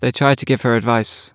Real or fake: real